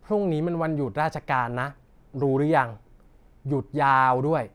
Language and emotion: Thai, frustrated